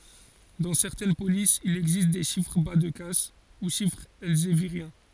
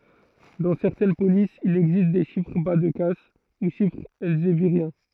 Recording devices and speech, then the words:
forehead accelerometer, throat microphone, read sentence
Dans certaines polices, il existe des chiffres bas-de-casse, ou chiffres elzéviriens.

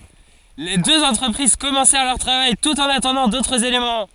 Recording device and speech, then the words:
forehead accelerometer, read sentence
Les deux entreprises commencèrent leur travail tout en attendant d'autres éléments.

